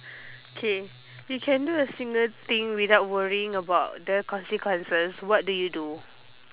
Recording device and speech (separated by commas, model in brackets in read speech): telephone, conversation in separate rooms